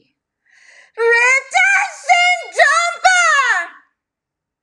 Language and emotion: English, fearful